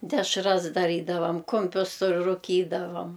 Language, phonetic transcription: Lithuanian, dešˈras daˈrydavam ˈkumpius su ruˈkydavam

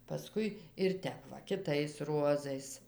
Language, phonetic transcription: Lithuanian, paˈskui ir ˈtep va kiˈtais ˈruozais

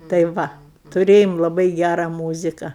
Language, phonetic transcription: Lithuanian, tai ˈva tuˈrėjom laˈbai ˈgæra ˈmūzika

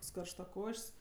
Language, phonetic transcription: Lithuanian, ˈkoks karštaˈkoš's'

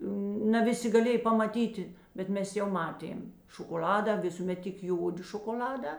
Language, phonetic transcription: Lithuanian, na ˈviˌsi gaˈlėj pamaˈtyti bet ˈmes jau ˈmaˌtėm šokoˈl'ada ˈvisūˌmet tik ˈjodi šokoˈl'adā

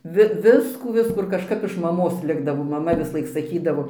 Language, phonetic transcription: Lithuanian, ˈvi ˈviskų ˈviskų ir kažˈkap iš maˈmos ˈlikdavo ˈmama visuˈlaik saˈkydavo

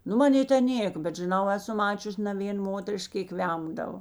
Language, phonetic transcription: Lithuanian, ˈnu maˈnė ten ˈnėk bet žiˈnau ˈeˌsu ˈmačius' ne ˈvėn ˈmoterišk ˈkėk ˈvemdavo

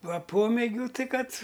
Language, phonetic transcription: Lithuanian, ˈva ˈpomėgių ˈtai ˈkad

